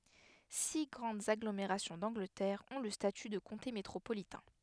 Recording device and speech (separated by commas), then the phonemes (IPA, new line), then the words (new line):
headset microphone, read sentence
si ɡʁɑ̃dz aɡlomeʁasjɔ̃ dɑ̃ɡlətɛʁ ɔ̃ lə staty də kɔ̃te metʁopolitɛ̃
Six grandes agglomérations d'Angleterre ont le statut de comté métropolitain.